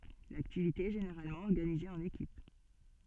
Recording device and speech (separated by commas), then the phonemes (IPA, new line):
soft in-ear microphone, read sentence
laktivite ɛ ʒeneʁalmɑ̃ ɔʁɡanize ɑ̃n ekip